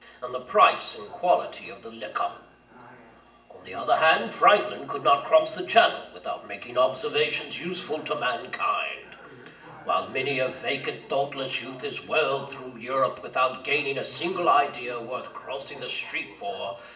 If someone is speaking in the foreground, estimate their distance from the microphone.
1.8 m.